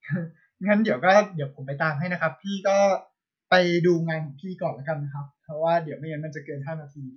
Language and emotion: Thai, neutral